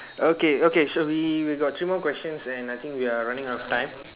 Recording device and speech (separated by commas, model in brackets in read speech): telephone, conversation in separate rooms